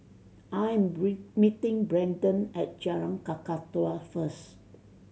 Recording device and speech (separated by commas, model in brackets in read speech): mobile phone (Samsung C7100), read sentence